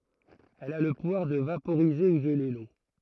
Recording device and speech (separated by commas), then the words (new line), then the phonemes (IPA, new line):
throat microphone, read sentence
Elle a le pouvoir de vaporiser ou geler l'eau.
ɛl a lə puvwaʁ də vapoʁize u ʒəle lo